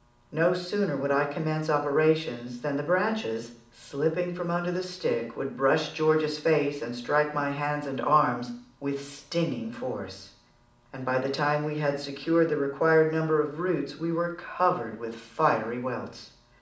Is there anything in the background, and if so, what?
Nothing.